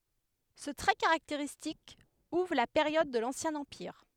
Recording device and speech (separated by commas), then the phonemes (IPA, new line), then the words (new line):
headset microphone, read sentence
sə tʁɛ kaʁakteʁistik uvʁ la peʁjɔd də lɑ̃sjɛ̃ ɑ̃piʁ
Ce trait caractéristique ouvre la période de l'Ancien Empire.